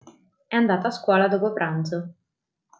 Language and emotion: Italian, neutral